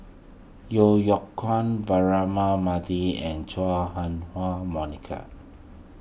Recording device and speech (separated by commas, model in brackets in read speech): boundary microphone (BM630), read sentence